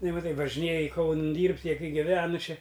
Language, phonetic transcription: Lithuanian, nu maˈtai važiˈnėji ˈkaunɨn ˈdyrbt' ˈjie ˈkai giˈvenu ˈčia

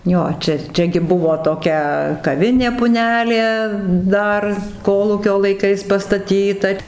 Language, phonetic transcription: Lithuanian, ˈjo ˈčia ˈčia gi ˈbuvo toˈkia kaˈvinė puˈnelė ˈdar ˈkolūkio laiˈkais pastaˈtyta

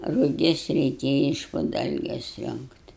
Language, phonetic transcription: Lithuanian, ruˈgis reiˈkėja iš pu ˈdalges ˈrionkt'

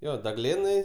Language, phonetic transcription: Lithuanian, ˈjo daˈglėnai

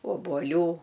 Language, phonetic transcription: Lithuanian, obuoˈlių

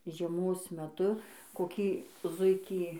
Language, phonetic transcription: Lithuanian, žieˈmos meˈtu koˈkį ˈzuikį

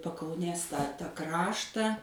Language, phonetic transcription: Lithuanian, pakauˈnės tą ˈkraštą

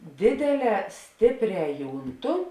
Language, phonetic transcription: Lithuanian, ˈdėdėˌlē ˈstėpˌrē ˈjūnˌtu

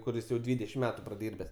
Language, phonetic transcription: Lithuanian, kuˈris jau ˈdvydešim ˈmetu praˈdyrbes

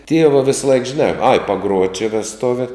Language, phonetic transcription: Lithuanian, ˈtieva ˈvėsˌlaik žiˈnā ai paˈgruot' či vesˈtuve

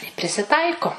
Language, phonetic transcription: Lithuanian, i prisiˈtaiko

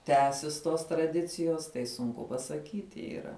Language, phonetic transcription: Lithuanian, ˈtęsis tos traˈdicijos tai sunˈku pasaˈkyti yˈra

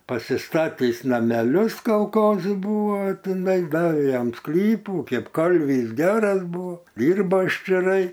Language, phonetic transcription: Lithuanian, pasiˈstatįs nameˈlius kalˈkozi ˈbūvo tiˈnai ˈdavė ˈjam ˈsklypų ˈkėp ˈkalvys ˈgeras ˈbūvo ˈdyrba ščiˈrai

